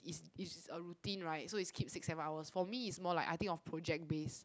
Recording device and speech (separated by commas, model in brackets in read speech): close-talking microphone, conversation in the same room